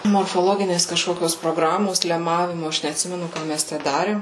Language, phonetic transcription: Lithuanian, morfoˈloginės kažˈkokios proˈgramos leˈmavimu ˈaš neatˈsimenu ˈką mes ˈtæ ˈdarėm

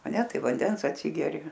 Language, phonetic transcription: Lithuanian, a ˈne ˈtaip vanˈdens atˈsigeri

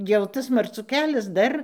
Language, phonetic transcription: Lithuanian, jau ˈtas marˈcų ˈkelias ˈdar

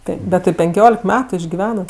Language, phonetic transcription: Lithuanian, ˈtaip bet ti penˈkiolek ˈmetu išgiˈvenat

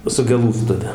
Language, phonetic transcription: Lithuanian, su geˈlųstuve

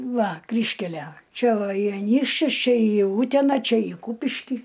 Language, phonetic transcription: Lithuanian, ˈva ˈkryžkælæ ˈčia va į aˈnykščius ˈčia į ˈūtena čia i ˈkūpiškį

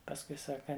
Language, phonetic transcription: Lithuanian, pasˈkui ˈsaka

